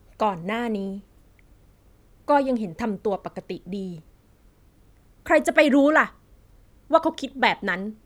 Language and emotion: Thai, frustrated